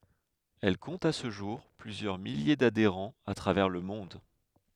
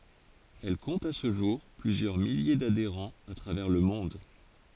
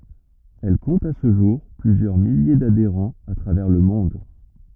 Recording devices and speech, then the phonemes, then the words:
headset microphone, forehead accelerometer, rigid in-ear microphone, read sentence
ɛl kɔ̃t a sə ʒuʁ plyzjœʁ milje dadeʁɑ̃z a tʁavɛʁ lə mɔ̃d
Elle compte à ce jour plusieurs milliers d'adhérents à travers le monde.

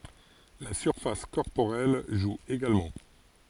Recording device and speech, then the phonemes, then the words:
forehead accelerometer, read sentence
la syʁfas kɔʁpoʁɛl ʒu eɡalmɑ̃
La surface corporelle joue également.

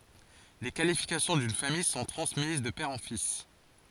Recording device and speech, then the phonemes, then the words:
forehead accelerometer, read sentence
le kalifikasjɔ̃ dyn famij sɔ̃ tʁɑ̃smiz də pɛʁ ɑ̃ fis
Les qualifications d'une famille sont transmises de père en fils.

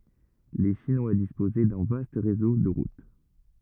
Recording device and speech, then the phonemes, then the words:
rigid in-ear microphone, read sentence
le ʃinwa dispozɛ dœ̃ vast ʁezo də ʁut
Les Chinois disposaient d'un vaste réseau de routes.

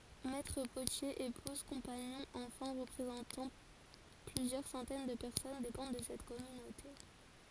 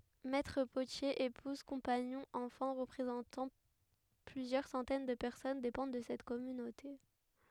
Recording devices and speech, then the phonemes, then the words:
forehead accelerometer, headset microphone, read sentence
mɛtʁ potjez epuz kɔ̃paɲɔ̃z ɑ̃fɑ̃ ʁəpʁezɑ̃tɑ̃ plyzjœʁ sɑ̃tɛn də pɛʁsɔn depɑ̃d də sɛt kɔmynote
Maîtres-potiers, épouses, compagnons, enfants représentant plusieurs centaines de personnes dépendent de cette communauté.

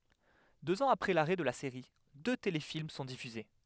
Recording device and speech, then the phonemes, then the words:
headset microphone, read sentence
døz ɑ̃z apʁɛ laʁɛ də la seʁi dø telefilm sɔ̃ difyze
Deux ans après l'arrêt de la série, deux téléfilms sont diffusés.

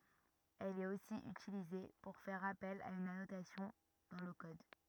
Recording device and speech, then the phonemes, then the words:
rigid in-ear microphone, read sentence
ɛl ɛt osi ytilize puʁ fɛʁ apɛl a yn anotasjɔ̃ dɑ̃ lə kɔd
Elle est aussi utilisée pour faire appel à une annotation dans le code.

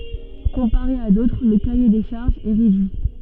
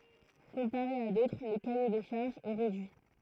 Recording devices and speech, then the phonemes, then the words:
soft in-ear microphone, throat microphone, read sentence
kɔ̃paʁe a dotʁ lə kaje de ʃaʁʒz ɛ ʁedyi
Comparé à d'autres, le cahier des charges est réduit.

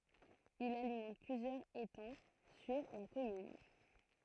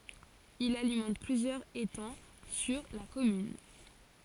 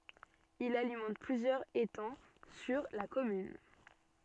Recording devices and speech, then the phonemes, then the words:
throat microphone, forehead accelerometer, soft in-ear microphone, read sentence
il alimɑ̃t plyzjœʁz etɑ̃ syʁ la kɔmyn
Il alimente plusieurs étangs sur la commune.

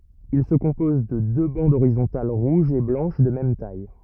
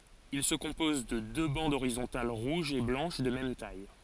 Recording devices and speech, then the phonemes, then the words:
rigid in-ear microphone, forehead accelerometer, read sentence
il sə kɔ̃pɔz də dø bɑ̃dz oʁizɔ̃tal ʁuʒ e blɑ̃ʃ də mɛm taj
Il se compose de deux bandes horizontales rouge et blanche de même taille.

